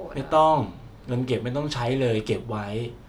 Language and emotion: Thai, neutral